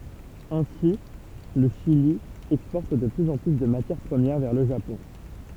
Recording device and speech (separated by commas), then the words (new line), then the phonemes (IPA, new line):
temple vibration pickup, read sentence
Ainsi, le Chili exporte de plus en plus de matières premières vers le Japon.
ɛ̃si lə ʃili ɛkspɔʁt də plyz ɑ̃ ply də matjɛʁ pʁəmjɛʁ vɛʁ lə ʒapɔ̃